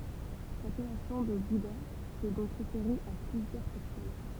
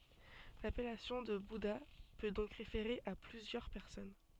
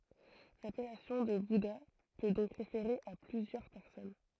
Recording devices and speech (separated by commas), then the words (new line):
temple vibration pickup, soft in-ear microphone, throat microphone, read sentence
L'appellation de bouddha peut donc référer à plusieurs personnes.